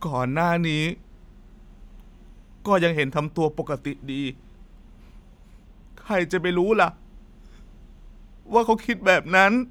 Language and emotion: Thai, sad